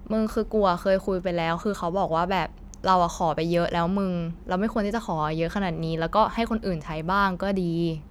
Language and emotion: Thai, frustrated